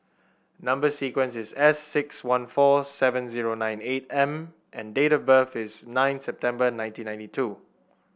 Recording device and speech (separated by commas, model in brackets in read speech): boundary microphone (BM630), read sentence